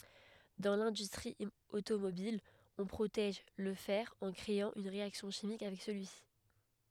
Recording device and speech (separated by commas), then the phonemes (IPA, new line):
headset microphone, read sentence
dɑ̃ lɛ̃dystʁi otomobil ɔ̃ pʁotɛʒ lə fɛʁ ɑ̃ kʁeɑ̃ yn ʁeaksjɔ̃ ʃimik avɛk səlyisi